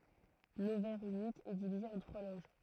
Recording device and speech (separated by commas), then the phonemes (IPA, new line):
throat microphone, read sentence
lovɛʁ ynik ɛ divize ɑ̃ tʁwa loʒ